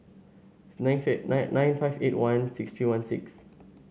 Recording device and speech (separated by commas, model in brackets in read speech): mobile phone (Samsung S8), read sentence